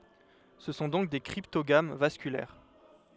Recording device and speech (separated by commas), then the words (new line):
headset microphone, read sentence
Ce sont donc des cryptogames vasculaires.